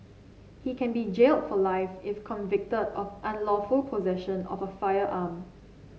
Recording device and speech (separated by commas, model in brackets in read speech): mobile phone (Samsung C7), read sentence